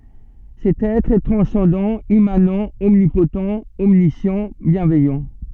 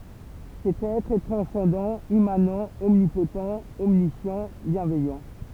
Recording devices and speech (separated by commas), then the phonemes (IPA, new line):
soft in-ear microphone, temple vibration pickup, read sentence
sɛt ɛtʁ ɛ tʁɑ̃sɑ̃dɑ̃ immanɑ̃ ɔmnipott ɔmnisjɑ̃ bjɛ̃vɛjɑ̃